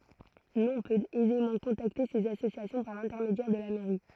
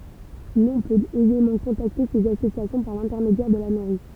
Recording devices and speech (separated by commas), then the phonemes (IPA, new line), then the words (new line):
throat microphone, temple vibration pickup, read sentence
lɔ̃ pøt ɛzemɑ̃ kɔ̃takte sez asosjasjɔ̃ paʁ lɛ̃tɛʁmedjɛʁ də la mɛʁi
L'on peut aisément contacter ces associations par l'intermédiaire de la mairie.